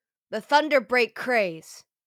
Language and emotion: English, angry